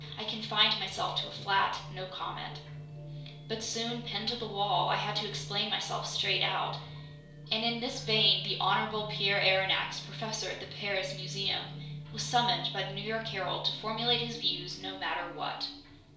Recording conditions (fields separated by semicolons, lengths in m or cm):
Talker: one person; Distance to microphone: 1.0 m; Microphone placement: close; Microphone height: 1.1 m; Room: small (3.7 m by 2.7 m); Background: music